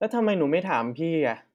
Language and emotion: Thai, frustrated